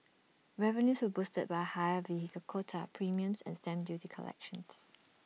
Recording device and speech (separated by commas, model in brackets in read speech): mobile phone (iPhone 6), read sentence